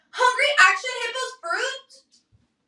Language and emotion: English, sad